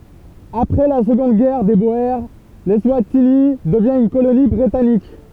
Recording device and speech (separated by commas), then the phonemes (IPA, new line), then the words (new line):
temple vibration pickup, read sentence
apʁɛ la səɡɔ̃d ɡɛʁ de boe lɛswatini dəvjɛ̃ yn koloni bʁitanik
Après la Seconde Guerre des Boers, l'Eswatini devient une colonie britannique.